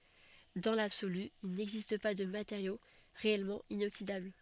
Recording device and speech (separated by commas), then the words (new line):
soft in-ear microphone, read sentence
Dans l'absolu, il n'existe pas de matériau réellement inoxydable.